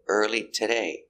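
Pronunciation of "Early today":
In 'early today', the t in 'today' is said as a t sound, not changed to a fast d.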